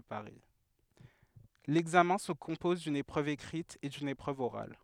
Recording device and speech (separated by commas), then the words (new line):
headset microphone, read sentence
L'examen se compose d'une épreuve écrite et d'une épreuve orale.